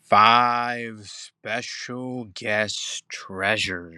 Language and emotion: English, happy